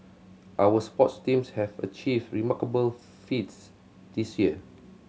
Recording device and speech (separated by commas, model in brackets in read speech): mobile phone (Samsung C7100), read sentence